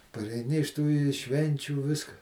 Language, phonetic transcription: Lithuanian, pareiˈni iš tų i ˈšvenčių ˈviska

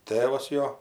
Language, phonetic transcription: Lithuanian, ˈtėvas ˈjo

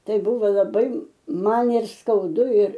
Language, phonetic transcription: Lithuanian, ˈtai ˈbuvo laˈbai ˈman ir skauˈdu ir

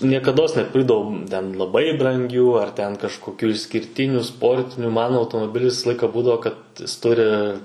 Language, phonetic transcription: Lithuanian, niekaˈdos neˈpirkdavom ten laˈbai branˈgių ar ten kažkoˈkių išskirˈtinių ˈsportiniu ˈman automoˈbilis ˈvisa ˈlaika ˈbūdavo kad ˈjis ˈturi

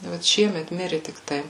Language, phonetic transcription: Lithuanian, vat ˈšiemet ˈmiri tikˈtai

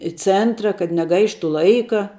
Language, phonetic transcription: Lithuanian, i ˈcentra kad neˈgaištu ˈlaika

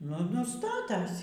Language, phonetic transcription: Lithuanian, ˈnu ˈnu ˈstatasi

